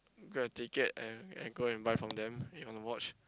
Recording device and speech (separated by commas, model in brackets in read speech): close-talking microphone, conversation in the same room